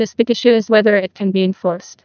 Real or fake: fake